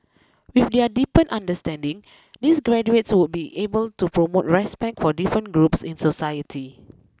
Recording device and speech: close-talking microphone (WH20), read sentence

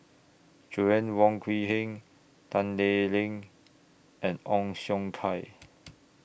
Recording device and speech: boundary microphone (BM630), read sentence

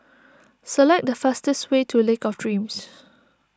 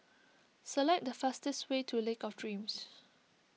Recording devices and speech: standing microphone (AKG C214), mobile phone (iPhone 6), read sentence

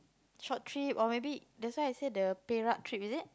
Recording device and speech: close-talking microphone, conversation in the same room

